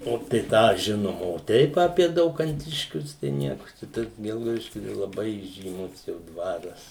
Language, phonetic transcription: Lithuanian, ˈo tai ˈtą ˈžinom o ˈteip apie daukanˈtiškius tai ˈnieku čia ˈtas ˈgelgaudiškiu tai laˈbai įžyˈmus jau ˈdvaras

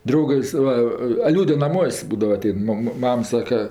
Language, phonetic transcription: Lithuanian, ˈdraugas ˈva a ˈliūde naˈmuos' ˈbūdava aˈtein ˈmama ˈmam ˈsaka

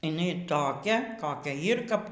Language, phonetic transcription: Lithuanian, iˈnai toˈkia koˈkia ˈjyr kap

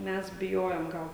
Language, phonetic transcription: Lithuanian, ˈmes biˈjojom ˈgal

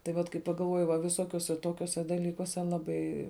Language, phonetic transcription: Lithuanian, tai ˈvat kai pagalˈvuoji va viˈsokiuose ˈtokiuose daˈlykuose ˈlabai

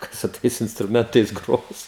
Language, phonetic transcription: Lithuanian, ˈkas su ˈtais instruˈmentais ˈgros

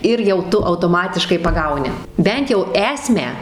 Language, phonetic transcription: Lithuanian, ˈir jau ˈtu autoˈmatiškai paˈgauni ˈbent jau ˈesmę

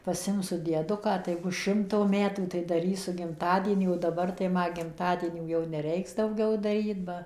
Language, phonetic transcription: Lithuanian, paˈsimsu dieˈduką tai ˈbus ˈšimto ˈmetų tai daˈrysu gimˈtadienį o daˈbar tai ˈma gimˈtadienių jau neˈreiks dauˈgiau daˈryt ˈba

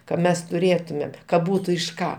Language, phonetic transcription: Lithuanian, ka ˈmes tuˈrėtumėm ka ˈbūtu iš ˈką

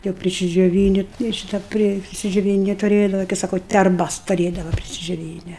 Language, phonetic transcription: Lithuanian, jau prisidžioˈvyni ir ˈšyta ˈpri prisidžioˈvyni tuˈrėdava kai ˈsako terˈbas tuˈrėdava prisidžioˈvyne

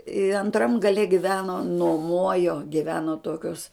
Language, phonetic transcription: Lithuanian, i anˈtram gaˈle giˈveno nuoˈmojo giˈveno ˈtokios

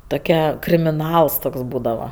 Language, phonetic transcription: Lithuanian, toˈkia krimiˈnals ˈtoks ˈbūdava

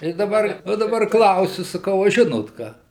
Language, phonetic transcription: Lithuanian, tai daˈbar va daˈbar ˈklausiu saˈkau a ˈžinot ˈką

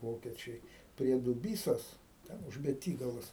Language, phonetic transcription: Lithuanian, ˈvokečiai prie duˈbysos ˈten už beˈtygalos

